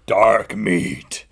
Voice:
raspy voice